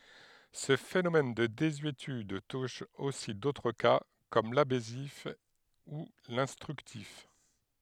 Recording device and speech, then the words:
headset microphone, read sentence
Ce phénomène de désuétude touche aussi d'autres cas, comme l'abessif ou l'instructif.

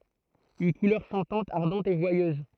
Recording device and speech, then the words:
throat microphone, read sentence
Une couleur chantante, ardente, et joyeuse.

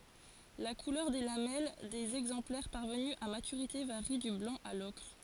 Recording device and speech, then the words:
forehead accelerometer, read sentence
La couleur des lamelles des exemplaires parvenus à maturité varie du blanc à l'ocre.

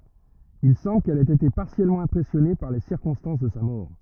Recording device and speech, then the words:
rigid in-ear microphone, read sentence
Il semble qu'elle ait été particulièrement impressionnée par les circonstances de sa mort.

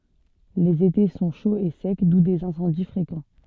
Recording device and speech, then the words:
soft in-ear microphone, read sentence
Les étés sont chauds et secs, d'où des incendies fréquents.

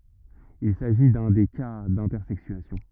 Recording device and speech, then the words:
rigid in-ear microphone, read sentence
Il s'agit d'un des cas d'intersexuation.

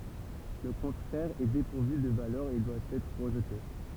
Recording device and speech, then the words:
temple vibration pickup, read sentence
Le contraire est dépourvu de valeur et doit être rejeté.

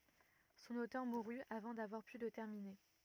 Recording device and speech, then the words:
rigid in-ear microphone, read sentence
Son auteur mourut avant d'avoir pu le terminer.

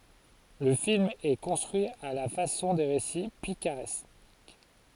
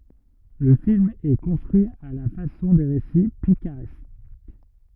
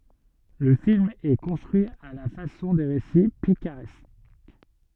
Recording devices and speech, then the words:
forehead accelerometer, rigid in-ear microphone, soft in-ear microphone, read sentence
Le film est construit à la façon des récits picaresques.

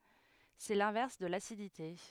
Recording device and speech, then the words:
headset microphone, read sentence
C'est l'inverse de l'acidité.

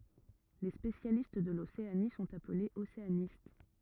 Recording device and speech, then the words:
rigid in-ear microphone, read sentence
Les spécialistes de l'Océanie sont appelés océanistes.

